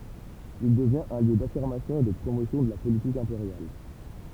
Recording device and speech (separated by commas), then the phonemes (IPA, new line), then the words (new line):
temple vibration pickup, read sentence
il dəvjɛ̃t œ̃ ljø dafiʁmasjɔ̃ e də pʁomosjɔ̃ də la politik ɛ̃peʁjal
Il devient un lieu d’affirmation et de promotion de la politique impériale.